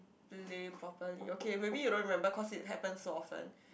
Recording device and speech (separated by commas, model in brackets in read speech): boundary microphone, conversation in the same room